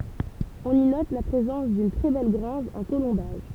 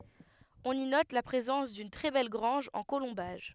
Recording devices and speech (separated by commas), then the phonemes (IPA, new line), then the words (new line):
temple vibration pickup, headset microphone, read sentence
ɔ̃n i nɔt la pʁezɑ̃s dyn tʁɛ bɛl ɡʁɑ̃ʒ ɑ̃ kolɔ̃baʒ
On y note la présence d'une très belle grange en colombages.